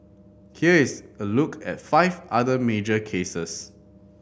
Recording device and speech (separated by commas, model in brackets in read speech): boundary microphone (BM630), read sentence